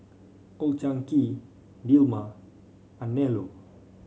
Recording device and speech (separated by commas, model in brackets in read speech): mobile phone (Samsung C5), read sentence